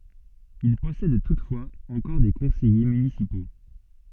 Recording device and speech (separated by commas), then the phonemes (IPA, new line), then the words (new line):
soft in-ear microphone, read sentence
il pɔsɛd tutfwaz ɑ̃kɔʁ de kɔ̃sɛje mynisipo
Il possède toutefois encore des conseillers municipaux.